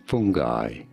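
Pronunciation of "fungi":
'Fungi' is pronounced here the way it is said in the US.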